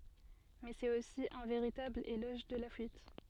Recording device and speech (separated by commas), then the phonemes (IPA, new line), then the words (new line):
soft in-ear microphone, read sentence
mɛ sɛt osi œ̃ veʁitabl elɔʒ də la fyit
Mais c'est aussi un véritable éloge de la fuite.